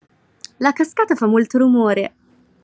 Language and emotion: Italian, happy